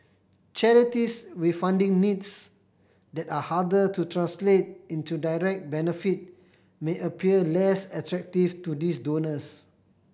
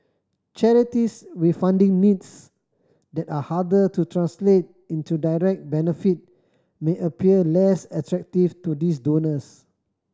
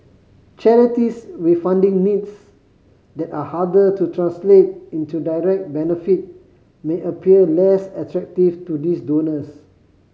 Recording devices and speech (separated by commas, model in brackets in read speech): boundary microphone (BM630), standing microphone (AKG C214), mobile phone (Samsung C5010), read sentence